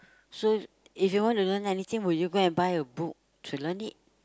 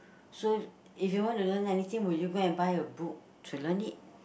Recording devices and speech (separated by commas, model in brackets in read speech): close-talking microphone, boundary microphone, conversation in the same room